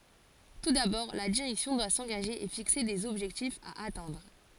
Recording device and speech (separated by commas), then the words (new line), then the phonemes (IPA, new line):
forehead accelerometer, read sentence
Tout d'abord, la direction doit s'engager et fixer des objectifs à atteindre.
tu dabɔʁ la diʁɛksjɔ̃ dwa sɑ̃ɡaʒe e fikse dez ɔbʒɛktifz a atɛ̃dʁ